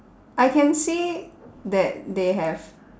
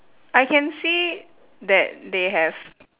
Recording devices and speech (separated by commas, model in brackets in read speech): standing microphone, telephone, conversation in separate rooms